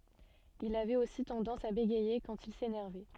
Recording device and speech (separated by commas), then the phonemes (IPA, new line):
soft in-ear microphone, read sentence
il avɛt osi tɑ̃dɑ̃s a beɡɛje kɑ̃t il senɛʁvɛ